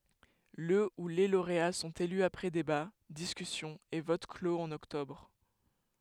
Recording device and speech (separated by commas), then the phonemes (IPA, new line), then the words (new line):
headset microphone, read sentence
lə u le loʁea sɔ̃t ely apʁɛ deba diskysjɔ̃z e vot kloz ɑ̃n ɔktɔbʁ
Le ou les lauréats sont élus après débats, discussions et votes clos en octobre.